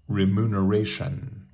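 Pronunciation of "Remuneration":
'Remuneration' is pronounced correctly here, with a North American pronunciation.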